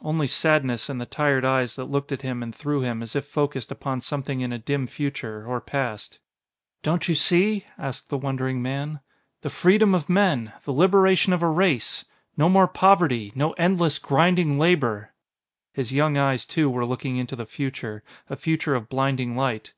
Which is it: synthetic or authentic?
authentic